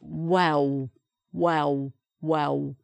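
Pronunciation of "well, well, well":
'Well' is said in a Cockney accent: no L sound is heard at the end, and the L is replaced by a sound like the letter W.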